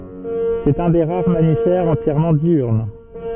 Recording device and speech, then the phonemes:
soft in-ear microphone, read sentence
sɛt œ̃ de ʁaʁ mamifɛʁz ɑ̃tjɛʁmɑ̃ djyʁn

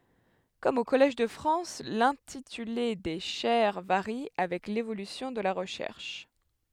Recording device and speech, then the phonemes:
headset microphone, read sentence
kɔm o kɔlɛʒ də fʁɑ̃s lɛ̃tityle de ʃɛʁ vaʁi avɛk levolysjɔ̃ də la ʁəʃɛʁʃ

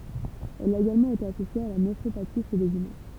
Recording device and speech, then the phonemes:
temple vibration pickup, read sentence
ɛl a eɡalmɑ̃ ete asosje a la nefʁopati ʃe lez ymɛ̃

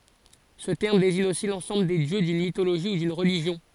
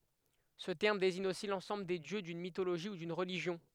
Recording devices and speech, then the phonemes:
forehead accelerometer, headset microphone, read sentence
sə tɛʁm deziɲ osi lɑ̃sɑ̃bl de djø dyn mitoloʒi u dyn ʁəliʒjɔ̃

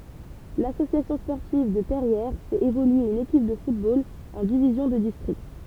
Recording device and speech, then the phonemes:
temple vibration pickup, read sentence
lasosjasjɔ̃ spɔʁtiv də pɛʁjɛʁ fɛt evolye yn ekip də futbol ɑ̃ divizjɔ̃ də distʁikt

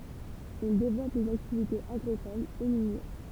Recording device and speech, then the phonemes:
temple vibration pickup, read sentence
il devlɔp lez aktivitez aɡʁikolz e minjɛʁ

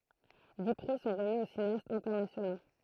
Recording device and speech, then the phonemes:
throat microphone, read sentence
di pʁi sɔ̃ ʁəmi o sineastz ɛ̃tɛʁnasjono

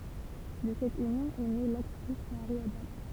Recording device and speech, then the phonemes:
temple vibration pickup, read sentence
də sɛt ynjɔ̃ ɛ ne laktʁis maʁi adɑ̃

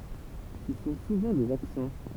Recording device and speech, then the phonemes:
temple vibration pickup, read sentence
sə sɔ̃ suvɑ̃ dez aksɑ̃

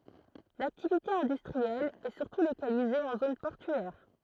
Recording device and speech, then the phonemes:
throat microphone, read sentence
laktivite ɛ̃dystʁiɛl ɛ syʁtu lokalize ɑ̃ zon pɔʁtyɛʁ

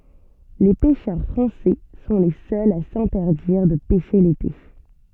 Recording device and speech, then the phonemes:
soft in-ear microphone, read sentence
le pɛʃœʁ fʁɑ̃sɛ sɔ̃ le sœlz a sɛ̃tɛʁdiʁ də pɛʃe lete

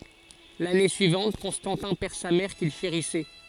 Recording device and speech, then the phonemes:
forehead accelerometer, read sentence
lane syivɑ̃t kɔ̃stɑ̃tɛ̃ pɛʁ sa mɛʁ kil ʃeʁisɛ

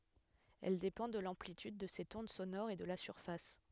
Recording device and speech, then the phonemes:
headset microphone, read sentence
ɛl depɑ̃ də lɑ̃plityd də sɛt ɔ̃d sonɔʁ e də la syʁfas

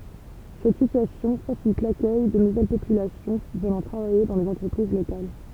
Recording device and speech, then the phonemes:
temple vibration pickup, read sentence
sɛt sityasjɔ̃ fasilit lakœj də nuvɛl popylasjɔ̃ vənɑ̃ tʁavaje dɑ̃ lez ɑ̃tʁəpʁiz lokal

